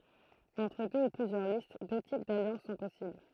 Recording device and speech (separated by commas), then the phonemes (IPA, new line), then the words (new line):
throat microphone, read sentence
ɑ̃tʁ dø u plyzjœʁ list dø tip daljɑ̃s sɔ̃ pɔsibl
Entre deux ou plusieurs listes, deux types d'alliances sont possibles.